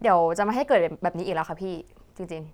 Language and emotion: Thai, frustrated